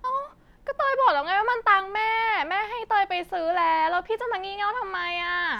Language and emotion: Thai, frustrated